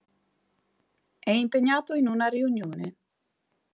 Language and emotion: Italian, neutral